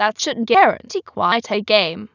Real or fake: fake